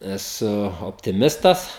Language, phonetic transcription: Lithuanian, eˈsu optiˈmistas

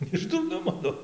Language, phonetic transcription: Lithuanian, iš durˈnumo ˈnu

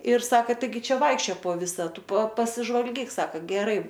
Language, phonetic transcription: Lithuanian, ir ˈsaka taiˈgi ˈčia ˈvaikščiojo po ˈvisa ˈtu pa pasižvalˈgyk ˈsaka geˈrai

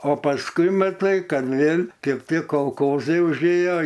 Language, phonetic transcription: Lithuanian, o pasˈkui maˈtai ˈkad ˈvėl' ˈkėp tie kolˈkozai užˈėjo

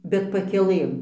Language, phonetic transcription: Lithuanian, bet pakeˈlɘm

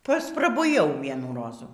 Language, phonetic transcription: Lithuanian, pasprabuˈjau ˈvienų ˈrozų

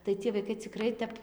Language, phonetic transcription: Lithuanian, tai ˈcie vaiˈkai ciˈkrai tep

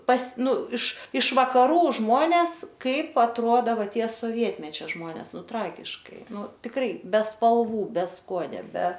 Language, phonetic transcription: Lithuanian, pas ˈnu iš iš vakaˈrų ˈžmones ˈkaip atˈruoda ˈva ˈtie soˈvietmečia ˈžmones ˈnu ˈtragiškai ˈnu tikˈrai be spalˈvų be ˈskuonio be

